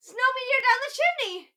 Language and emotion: English, happy